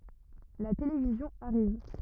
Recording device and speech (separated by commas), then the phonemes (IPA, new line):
rigid in-ear microphone, read sentence
la televizjɔ̃ aʁiv